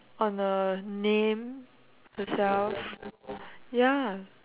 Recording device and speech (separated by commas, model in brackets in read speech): telephone, conversation in separate rooms